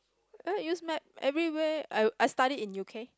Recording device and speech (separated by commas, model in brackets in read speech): close-talking microphone, conversation in the same room